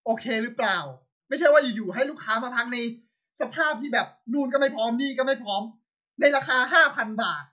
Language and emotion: Thai, angry